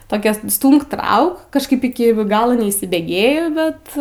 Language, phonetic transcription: Lithuanian, toˈkia ˈstūmk ˈtrauk kažˈkaip ˈiki ˈgalo neįsibėˈgėjo ˈbet

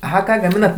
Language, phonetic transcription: Lithuanian, aˈha ˈką gaˈminat

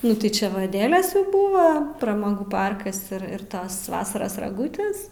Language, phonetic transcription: Lithuanian, ˈnu tai ˈčia va aˈdelės jau ˈbūva pramaˈgų ˈparkas ir ir ˈtas ˈvasaras raˈgūtės

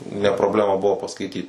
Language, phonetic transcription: Lithuanian, ne probˈlema ˈbuvo paskaiˈtyt

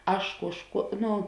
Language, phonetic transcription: Lithuanian, ˈaš ˈkuožˌkuo ˈnu

